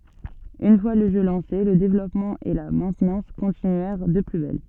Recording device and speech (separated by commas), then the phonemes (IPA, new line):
soft in-ear microphone, read sentence
yn fwa lə ʒø lɑ̃se lə devlɔpmɑ̃ e la mɛ̃tnɑ̃s kɔ̃tinyɛʁ də ply bɛl